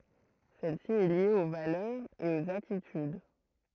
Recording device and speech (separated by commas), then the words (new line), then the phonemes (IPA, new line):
throat microphone, read sentence
Celle-ci est liée aux valeurs et aux attitudes.
sɛl si ɛ lje o valœʁz e oz atityd